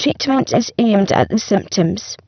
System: VC, spectral filtering